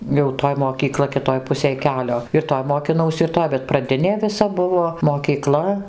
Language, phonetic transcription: Lithuanian, jau ˈtoj mokyˈkla kiˈtoj ˈpusėj ˈkelio ir ˈtoj mokiˈnausi ir ˈtoj bet praˈdinė viˈsa ˈbuvo mokyˈkla

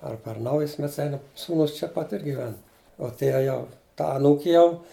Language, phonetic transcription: Lithuanian, ar per ˈnaujus ˈmets ˈeinam ˈsūnus čia ˈpat ir giˈven uo ˈtie ˈjau ˈta aˈnūki ˈjau

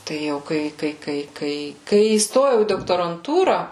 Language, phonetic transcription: Lithuanian, tai ˈjau ˈkai ˈkai ˈkai kai kai įsˈtojau į doktoranˈtūra

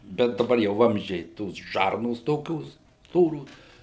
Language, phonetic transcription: Lithuanian, ˈbet daˈbar jau ˈvamzdžiai ˈtos ˈžarnos ˈtokios ˈstoros

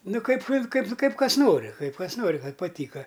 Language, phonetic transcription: Lithuanian, ˈnu ˈkaip ˈkaip ˈkaip ˈkas ˈnori ˈkaip ˈkas ˈnori paˈtyka

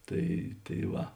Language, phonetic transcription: Lithuanian, ˈtai tai ˈva

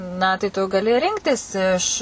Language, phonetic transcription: Lithuanian, na tai tu gaˈli ˈrinktis iš

